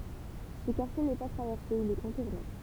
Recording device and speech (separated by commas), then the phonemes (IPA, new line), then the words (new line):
temple vibration pickup, read sentence
sə kaʁtje nɛ pa tʁavɛʁse il ɛ kɔ̃tuʁne
Ce quartier n’est pas traversé, il est contourné.